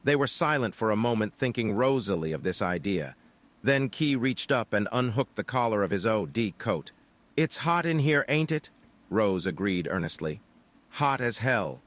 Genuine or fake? fake